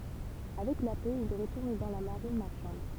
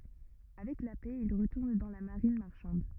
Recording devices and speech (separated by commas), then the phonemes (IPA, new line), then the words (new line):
temple vibration pickup, rigid in-ear microphone, read sentence
avɛk la pɛ il ʁətuʁn dɑ̃ la maʁin maʁʃɑ̃d
Avec la paix, il retourne dans la marine marchande.